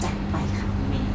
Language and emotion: Thai, happy